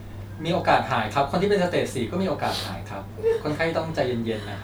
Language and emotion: Thai, neutral